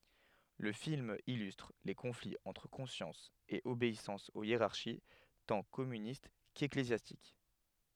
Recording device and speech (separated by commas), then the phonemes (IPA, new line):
headset microphone, read sentence
lə film ilystʁ le kɔ̃fliz ɑ̃tʁ kɔ̃sjɑ̃s e obeisɑ̃s o jeʁaʁʃi tɑ̃ kɔmynist keklezjastik